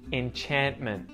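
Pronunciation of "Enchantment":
'Enchantment' is said with a muted T: the t after the n in the middle of the word is muted.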